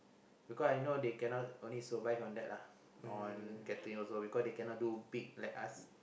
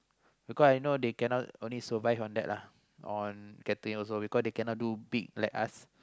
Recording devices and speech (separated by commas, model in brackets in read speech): boundary microphone, close-talking microphone, conversation in the same room